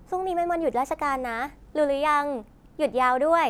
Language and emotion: Thai, neutral